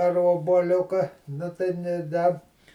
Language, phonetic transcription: Lithuanian, ar obuoˈliuka ˈnu tai nė ˈda

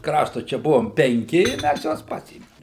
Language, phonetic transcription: Lithuanian, ˈkraštu ˈčia ˈbuvom penˈki i ˈmæs ˈjuos ˈpasėmim

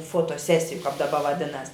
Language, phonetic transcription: Lithuanian, fotoˈsesiju kap daˈba vaˈdinas

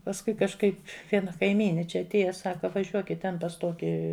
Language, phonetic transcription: Lithuanian, pasˈkui kažˈkaip ˈviena kaiˈmyni ˈčia atˈėja ˈsaka vaˈžiuokit ˈten pas ˈtoki

